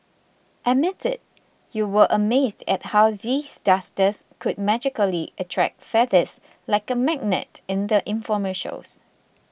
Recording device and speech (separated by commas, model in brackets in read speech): boundary microphone (BM630), read sentence